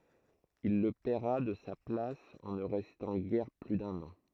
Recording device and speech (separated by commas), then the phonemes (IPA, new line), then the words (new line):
throat microphone, read sentence
il lə pɛʁa də sa plas ɑ̃ nə ʁɛstɑ̃ ɡɛʁ ply dœ̃n ɑ̃
Il le paiera de sa place en ne restant guère plus d'un an.